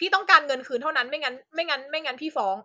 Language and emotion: Thai, angry